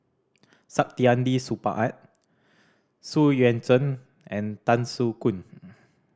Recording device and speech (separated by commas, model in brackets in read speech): standing microphone (AKG C214), read sentence